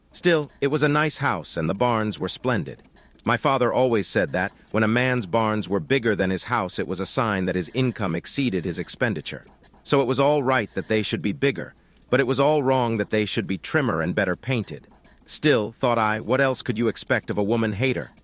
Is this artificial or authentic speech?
artificial